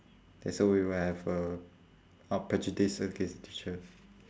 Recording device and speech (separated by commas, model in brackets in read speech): standing microphone, conversation in separate rooms